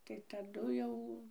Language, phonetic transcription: Lithuanian, tai taˈdu jau

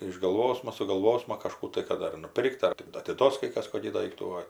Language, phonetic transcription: Lithuanian, išgalˈvosma sugalˈvosma kažˈkų tai ˈkad ar nuˈpirkt ˈar ti atiˈduos kai ˈkas ˈkokį ˈdaiktų o

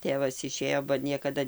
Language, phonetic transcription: Lithuanian, ˈtėvas iˈšėjo ba ˈniekada

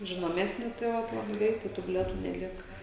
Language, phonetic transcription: Lithuanian, žinoˈmesni tai ˈvat ˈlabai ˈgreitai ˈtų bilieˈtų neˈlieka

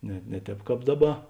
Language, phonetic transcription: Lithuanian, ne ˈne ˌtēp ˈkāp ˈdaˌba

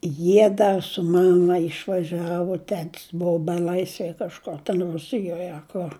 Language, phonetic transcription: Lithuanian, ˈjie ˈda su ˈmama išvaˈžiavu ˈtetis ˈbuvu beˈlaisvej kažˈkur ten ˈrusijoj a ˈkur

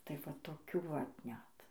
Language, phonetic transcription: Lithuanian, ˈtai va toˈkių vat ˈnet

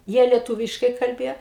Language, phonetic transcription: Lithuanian, ˈjie lieˈtūviškai kalˈbėja

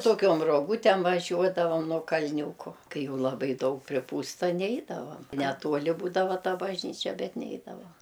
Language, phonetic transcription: Lithuanian, toˈkiom roˈgūtem vaˈžiuodavam nuo kalˈniūko ˈkai ˈjau laˈbai ˈdaug priˈpūsta ˈneidavam neˈtuoli ˈbūdava ˈta bažˈnyčia ˈbet ˈneidavo

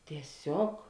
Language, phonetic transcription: Lithuanian, tieˈsiog

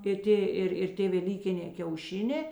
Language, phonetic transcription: Lithuanian, ir ˈtė ˈir ir ˈtė veˈlykinė kiauˈšinė

